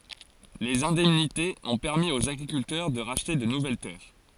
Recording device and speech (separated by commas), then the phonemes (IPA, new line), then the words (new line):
forehead accelerometer, read sentence
lez ɛ̃dɛmnitez ɔ̃ pɛʁmi oz aɡʁikyltœʁ də ʁaʃte də nuvɛl tɛʁ
Les indemnités ont permis aux agriculteurs de racheter de nouvelles terres.